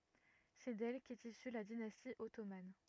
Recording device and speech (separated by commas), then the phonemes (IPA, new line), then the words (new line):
rigid in-ear microphone, read sentence
sɛ dɛl kɛt isy la dinasti ɔtoman
C'est d'elle qu'est issue la dynastie ottomane.